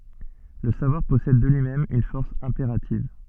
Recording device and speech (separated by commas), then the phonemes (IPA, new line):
soft in-ear microphone, read sentence
lə savwaʁ pɔsɛd də lyimɛm yn fɔʁs ɛ̃peʁativ